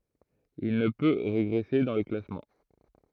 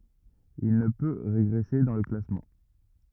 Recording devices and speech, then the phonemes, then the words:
throat microphone, rigid in-ear microphone, read sentence
il nə pø ʁeɡʁɛse dɑ̃ lə klasmɑ̃
Il ne peut régresser dans le classement.

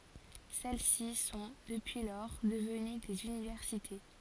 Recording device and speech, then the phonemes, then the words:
forehead accelerometer, read sentence
sɛl si sɔ̃ dəpyi lɔʁ dəvəny dez ynivɛʁsite
Celles-ci sont, depuis lors, devenues des universités.

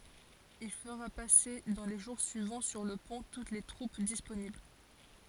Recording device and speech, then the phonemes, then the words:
forehead accelerometer, read sentence
il fəʁa pase dɑ̃ le ʒuʁ syivɑ̃ syʁ lə pɔ̃ tut se tʁup disponibl
Il fera passer dans les jours suivants sur le pont toutes ses troupes disponibles.

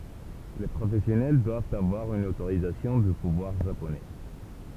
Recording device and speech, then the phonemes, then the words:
temple vibration pickup, read sentence
le pʁofɛsjɔnɛl dwavt avwaʁ yn otoʁizasjɔ̃ dy puvwaʁ ʒaponɛ
Les professionnels doivent avoir une autorisation du pouvoir japonais.

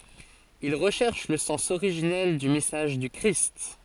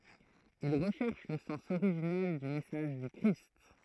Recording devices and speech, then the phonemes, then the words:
forehead accelerometer, throat microphone, read sentence
il ʁəʃɛʁʃ lə sɑ̃s oʁiʒinɛl dy mɛsaʒ dy kʁist
Ils recherchent le sens originel du message du Christ.

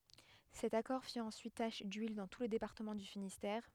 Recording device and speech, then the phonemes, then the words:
headset microphone, read sentence
sɛt akɔʁ fi ɑ̃syit taʃ dyil dɑ̃ tu lə depaʁtəmɑ̃ dy finistɛʁ
Cet accord fit ensuite tache d'huile dans tout le département du Finistère.

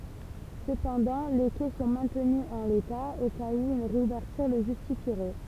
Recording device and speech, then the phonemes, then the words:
temple vibration pickup, read sentence
səpɑ̃dɑ̃ le kɛ sɔ̃ mɛ̃tny ɑ̃ leta o kaz u yn ʁeuvɛʁtyʁ lə ʒystifiʁɛ
Cependant, les quais sont maintenus en l'état, au cas où une réouverture le justifierait.

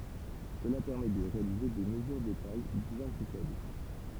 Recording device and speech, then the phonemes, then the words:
temple vibration pickup, read sentence
səla pɛʁmɛ də ʁealize de məzyʁ də taj bjɛ̃ ply fɛbl
Cela permet de réaliser des mesures de tailles bien plus faibles.

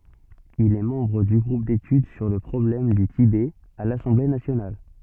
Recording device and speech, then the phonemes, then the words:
soft in-ear microphone, read sentence
il ɛ mɑ̃bʁ dy ɡʁup detyd syʁ lə pʁɔblɛm dy tibɛ a lasɑ̃ble nasjonal
Il est membre du groupe d'études sur le problème du Tibet à l'Assemblée nationale.

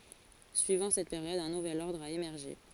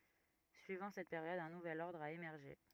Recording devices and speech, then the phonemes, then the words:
forehead accelerometer, rigid in-ear microphone, read sentence
syivɑ̃ sɛt peʁjɔd œ̃ nuvɛl ɔʁdʁ a emɛʁʒe
Suivant cette période un nouvel ordre a émergé.

